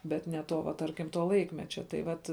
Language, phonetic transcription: Lithuanian, bet ne ˈto va ˈtarkim to ˈlaikmečia tai ˈvat

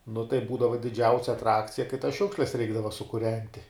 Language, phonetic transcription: Lithuanian, nu tai ˈbūdava diˈdžiausia atˈrakcija kai tas ˈšiukšles ˈreikdava sukuˈrenti

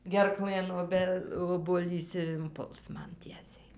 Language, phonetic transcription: Lithuanian, gerˈklɘn oˈbe obuoˈlys ir inˈpuls ˈman ˈtiesiai

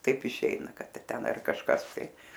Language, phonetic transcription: Lithuanian, ˈtaip iˈšeina ˈkad ˈten ar kažˈkas tai

